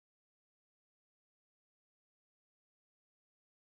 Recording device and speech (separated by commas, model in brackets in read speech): close-talking microphone, conversation in the same room